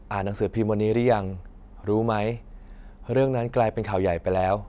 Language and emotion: Thai, frustrated